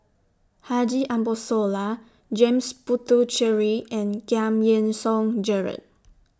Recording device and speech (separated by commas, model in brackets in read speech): standing microphone (AKG C214), read sentence